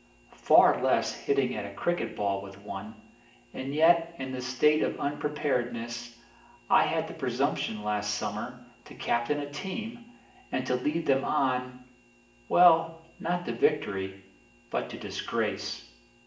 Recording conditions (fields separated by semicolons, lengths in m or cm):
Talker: one person; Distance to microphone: 1.8 m; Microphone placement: close; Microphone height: 1.0 m; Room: large; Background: none